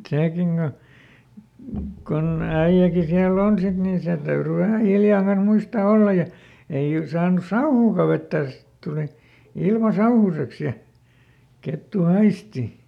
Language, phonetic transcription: Finnish, ˈsèkiŋ Go , kon ˈäiʲäki siäl"l ‿on ˈsit nin̬ ˈsen täyry vähä (ˈhiljànen) ˈmuistà "olla ja , ei ˈy- , ˈsaanus̆ "sauhuuka ˈvettä̀s sit tuli , ˈilma ˈsauhuseks ja , ˈkettu "haisti .
- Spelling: sekin kun kun äijäkin siellä on sitten niin sen täytyi vähän hiljainen muistaa olla ja ei - saanut sauhuakaan vettä sitten tuli ilma sauhuiseksi ja kettu haistoi

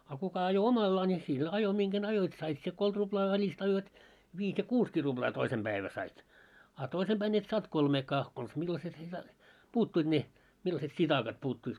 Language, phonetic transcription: Finnish, a 'kuka ajo "omallaa ńi sil 'ajo 'miŋɢän 'ajoit 'sait sie 'koit ruʙlaa 'välist ajoit , 'viis ja "kuuskii ruʙlaa 'toisem ʙäivä sait , a 'toisem 'ʙäin et saant "kolmeekaa , kons 'millaset ne sa- , 'puuttuit 'ne , millaset "sitakat puuttuit .
- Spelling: a kuka ajoi omallaan niin sillä ajoi minkä ajoit sait sinä kolme ruplaa välistä ajoit viisi ja kuusikin ruplaa toisen päivänä sait a toisen päin et saanut kolmeakaan konsa millaiset ne - puuttui ne millaiset sitakat puuttuivat

